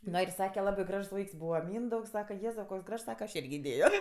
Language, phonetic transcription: Lithuanian, ˈno ir ˈsake ˈlabai ˈgražs ˈvaiks ˈbūva ˈmyndaugs ˈsaka ˈjėzau koks ˈgražs ˈsaka aš ˈirgi iˈdėjo

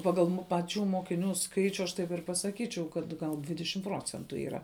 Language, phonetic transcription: Lithuanian, ˈpagal mu paˈčių mokiˈnių ˈskaičiu aš taip ir pasaˈkyčiau kad gal ˈdvidešim ˈprocentu yˈra

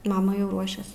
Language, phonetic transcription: Lithuanian, ˈmama jau ˈruošias

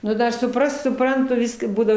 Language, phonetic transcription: Lithuanian, nu ˈdar suˈprast suˈprantu ˈviska ˈbūdavo

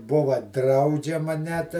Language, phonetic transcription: Lithuanian, ˈbuva ˈdraudžiama net

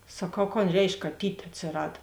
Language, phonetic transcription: Lithuanian, saˈkau kon ˈreišk kaˈtyt' atsiˈrad

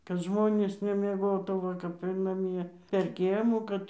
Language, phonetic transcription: Lithuanian, kad ˈžmonės nemieˈgotų ˈva kap ir naˈmie per ˈkiemų ˈkad

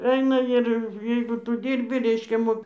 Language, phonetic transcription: Lithuanian, ˈeina ir ˈjeigu ˈtu ˈdyrbi ˈreiškia ˈmok

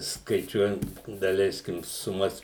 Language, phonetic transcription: Lithuanian, skaiˈčiuojant daˈleiskim suˈmas

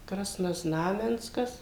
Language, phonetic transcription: Lithuanian, krasnoˈznamenskas

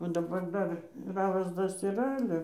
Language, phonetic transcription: Lithuanian, va daˈbar ˈdar ˈravas ˈtas yˈra ˈale

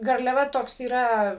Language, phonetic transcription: Lithuanian, garliaˈva ˈtoks yˈra

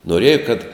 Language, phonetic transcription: Lithuanian, noˈrėja kad

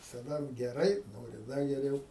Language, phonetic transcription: Lithuanian, visaˈda geˈrai ˈnori ˈda geˈriau

